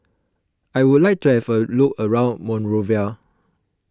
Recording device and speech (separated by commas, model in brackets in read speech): close-talking microphone (WH20), read sentence